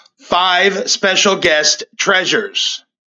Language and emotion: English, neutral